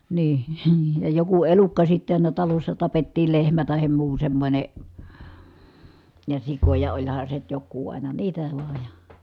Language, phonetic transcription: Finnish, nii₍II , ja joku elukka sitte àina talossa tapettiil lehmä tahem muu semmońe , ja sikoja oĺhan se nyt jokkuu ʼàina niitä vàej ja .
- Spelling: niin ja joku elukka sitten aina talossa tapettiin lehmä tai muu semmoinen ja sikoja olihan se nyt joku aina niitä vain ja

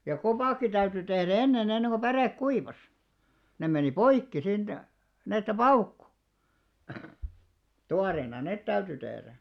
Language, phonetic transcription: Finnish, ja "kopàkki 'täyty tehrᵃ̈ "enne'n ‿enneŋɢo 'pärèk "kuivas , 'nem meni "poikki siint , ni₍että "paukku , 'tuareena 'nèt täyty 'tehrä .
- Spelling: ja kopatkin täytyi tehdä ennen ennen kuin päre kuivasi ne meni poikki siitä niin että paukkui tuoreena ne täytyi tehdä

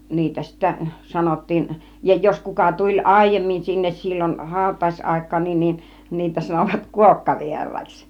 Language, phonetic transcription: Finnish, 'niitä sittä 'sanottiin , ja jos 'kuka tuĺ "àijemmin sinnes 'sillon , 'hàut̆tàis₍àik̆kaan niin nin , 'niitä sanovat "kuokkavier̀àiks .
- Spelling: niitä sitten sanottiin ja jos kuka tuli aiemmin sinne silloin hautajaisaikaan niin niin niitä sanoivat kuokkavieraiksi

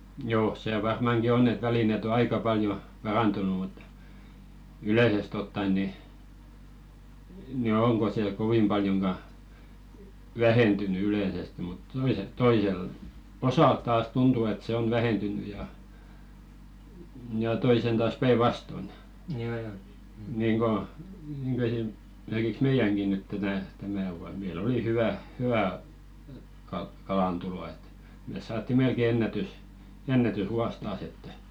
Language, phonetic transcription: Finnish, joo , 'sè 'varmàŋki "onn ‿et 'välinet ‿o 'aika paljo , "parantunu mut , 'ylèsest ‿otta₍en ni , ni "oŋko se 'kovim ʙaljoŋɢa , "vähentyny ylèsestⁱ mut , 'toiset toisel , 'osàl taas "tuntu et se 'on 'vähentyny ja , ja 'toisen taas 'päi"vaston , niiŋɢo , niŋɢo esim- , -merkiks "meijäŋki nyt tätä , 'tämä vuan 'mei"l ‿oli 'hyvä , 'hy₍ä , kalantulo et , mès 'saatti "melke 'ennätys- , "ennätys'vuas taas ‿että .
- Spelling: joo se varmankin on että välineet on aika paljon parantunut mutta yleisesti ottaen niin niin onko se kovin paljonkaan vähentynyt yleisesti mutta toiset toisella osalla taas tuntuu että se on vähentynyt ja ja toisen taas päinvastoin niin kuin niin kuin - esimerkiksi meidänkin nyt tätä tämä vuonna meillä oli hyvä hyvä kalantulo että me saatiin melkein - ennätysvuosi taas että

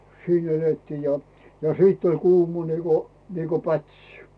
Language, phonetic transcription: Finnish, 'siin ‿'elettii ja , ja 'siitt ‿oĺ 'kuuma niiko , niiko "pätsɪ .
- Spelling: siinä elettiin ja ja sitten oli kuuma niin kuin niin kuin pätsi

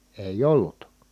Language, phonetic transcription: Finnish, èij ‿ollut .
- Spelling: ei ollut

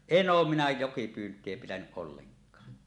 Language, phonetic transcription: Finnish, en "oom minä 'jokipyynt̀ie pitänyˀ ˀolleŋk̀a .
- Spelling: en ole minä jokipyyntiä pitänyt ollenkaan

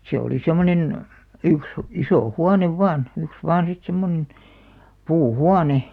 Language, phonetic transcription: Finnish, 'se oli 'sem̆monen , 'yks , isò "huanev 'vàn , 'yks "vaan sit 'semmonᵉn , 'puu"huane .
- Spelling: se oli semmoinen yksi iso huone vain yksi vain sitten semmoinen puuhuone

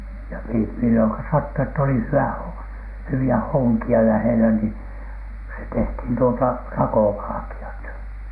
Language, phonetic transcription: Finnish, ja mi-milloŋka sattu ett ‿oli 'hy₍ä , 'hywi₍ä 'hoŋki₍a lähelä ni , se tehthìn tuota , "rakovalᵃki₍at .
- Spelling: ja milloin sattui että oli hyvä hyviä honkia lähellä niin se tehtiin tuota rakovalkeat

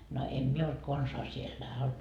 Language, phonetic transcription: Finnish, no 'em 'mie olt 'konsaa siellä .
- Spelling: no en minä ollut konsaan siellä

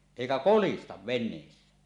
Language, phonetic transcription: Finnish, 'èikä "kolistav ven̆neessä .
- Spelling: eikä kolista veneessä

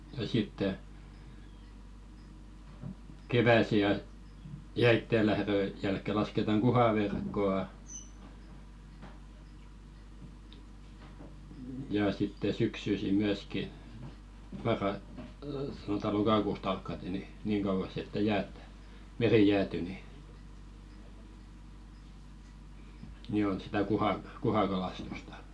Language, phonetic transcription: Finnish, ja sitte , "kevä̀si ja- , 'jäittè lähðö jälkke lasketaŋ "ɢuhaverkko₍a , ja sitte "syksysi 'myäski , marra- sanota 'lokakùst 'alkkate ni , niiŋ kauvas ‿että 'jäät , "meri 'jääty ni , ni on 'sitä "kuha- , 'kuhakalastustᴀ .
- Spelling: ja sitten keväisin - jäiden lähdön jälkeen lasketaan kuhaverkkoa ja sitten syksyisin myöskin - sanotaan lokakusta alkaen niin niin kauas että jäät meri jäätyy niin niin on sitä - kuhakalastusta

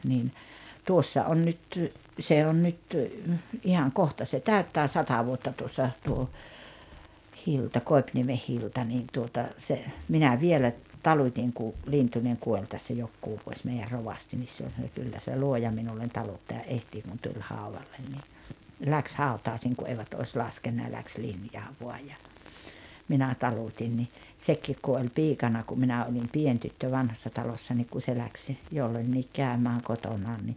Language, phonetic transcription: Finnish, 'niin , 'tuossa on nyt , 'se on nyt , 'ihaŋ 'kohta se 'täyttää "sata 'vuotta tuossa , tuo , 'Hilta "Koi̬pniemeh 'Hilta niin tuota , se , 'minä "vielä , 'talut́iŋ ku , 'Lintuneŋ 'kuoĺ tässä 'jokkuu vuoś 'mei₍är "rovasti nis 'se oĺ sano- » 'kyllä se "luoja minullen 'taluttaja '’ehtii « kun tuĺ 'hàuvallen ni , 'läks "hàutaaⁱsiiŋ ku 'eivät ois "laskenna ja läks 'linjaa 'voaj ja , 'minä 'talut́in ni , 'sekkiik ku oĺ "piikana kum 'minä olim "pien tyttö 'Vanhassa 'Talossa niik ku se 'läks , jollońńiik 'kä̀ömääŋ 'kotonaan ni ,.
- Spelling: niin tuossa on nyt se on nyt ihan kohta se täyttää sata vuotta tuossa tuo Hilda Koipiniemi Hilda niin tuota se minä vielä talutin kun Lintunen kuoli tässä jokunen vuosi meidän rovasti niin se oli sanoi kyllä se luoja minulle taluttajan etsii kun tuli haudalle niin lähti hautajaisiin kun eivät olisi laskenut ja lähti linjaa vain ja minä talutin niin sekin kun oli piikana kun minä olin pieni tyttö Vanhassa Talossa niin kun se lähti jolloinkin käymään kotonaan niin

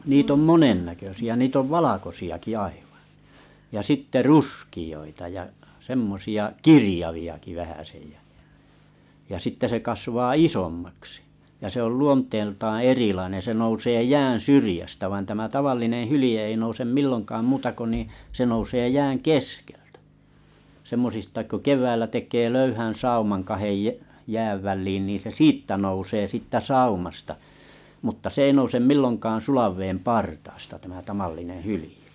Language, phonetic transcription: Finnish, 'niit ‿om "monennäkösiä , niit ‿ov "valakosi₍aki 'aiᴠᴀ , ja 'sitte "ruski₍oita ja , 'semmosi₍a "kirⁱjavi₍aki 'vähäsej jä , ja 'sitte se kasvaa "isommaksɪ , ja se ‿ol 'luont̆teeltaan̬ 'erilainen̬ se nousee 'jäää̰ syrⁱjästä vain tama 'tavallineḛ 'hyl̆ije ei nousem 'millonkaam 'muuta ko nì , se 'nousee 'jääŋ "keskeltä , 'semmosista ko 'kev̀äillä tek̀èee 'löyhän̬ 'saumaŋ 'kahej jᵃ̈ , jääv välliin nìn̬ se "siittä nousee 'sìttä "saumasta , mutta 's ‿ei nousem 'milloŋkaan 'sulav veem 'partaasta tämä 'tam̳allinee 'hylĭje .
- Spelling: niitä on monen näköisiä niitä on valkoisiakin aivan ja sitten ruskeita ja semmoisia kirjaviakin vähäsen ja ja sitten se kasvaa isommaksi ja se on luonteeltaan erilainen se nousee jään syrjästä vaan tämä tavallinen hylje ei nouse milloinkaan muuta kuin niin se nousee jään keskeltä semmoisista kun keväällä tekee löyhän sauman kahden - jään väliin niin se siitä nousee sitten saumasta mutta se ei nouse milloinkaan sulan veden partaasta tämä tavallinen hylje

